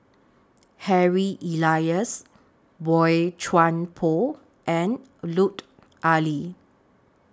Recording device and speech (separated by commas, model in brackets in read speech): standing microphone (AKG C214), read sentence